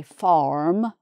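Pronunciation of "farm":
'farm' is said with an American pronunciation, not the British one with an open vowel and no r sound.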